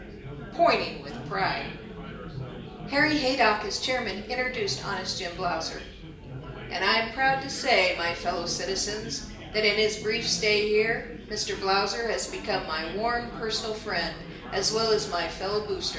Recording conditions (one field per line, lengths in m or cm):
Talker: one person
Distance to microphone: 1.8 m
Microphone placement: close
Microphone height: 1.0 m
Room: large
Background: babble